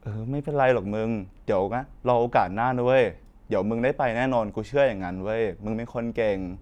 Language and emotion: Thai, neutral